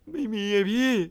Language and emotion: Thai, sad